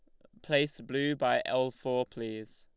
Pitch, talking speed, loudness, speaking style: 130 Hz, 170 wpm, -31 LUFS, Lombard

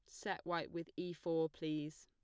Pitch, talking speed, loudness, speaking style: 165 Hz, 200 wpm, -42 LUFS, plain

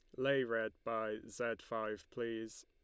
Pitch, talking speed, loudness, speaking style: 115 Hz, 150 wpm, -40 LUFS, Lombard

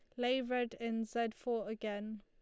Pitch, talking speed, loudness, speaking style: 230 Hz, 180 wpm, -38 LUFS, Lombard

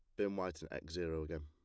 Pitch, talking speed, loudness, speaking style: 80 Hz, 290 wpm, -42 LUFS, plain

